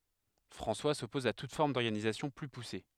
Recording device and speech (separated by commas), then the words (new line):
headset microphone, read sentence
François s'oppose à toute forme d'organisation plus poussée.